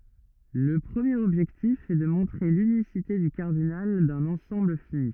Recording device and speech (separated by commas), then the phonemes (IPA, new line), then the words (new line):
rigid in-ear microphone, read sentence
lə pʁəmjeʁ ɔbʒɛktif ɛ də mɔ̃tʁe lynisite dy kaʁdinal dœ̃n ɑ̃sɑ̃bl fini
Le premier objectif est de montrer l'unicité du cardinal d'un ensemble fini.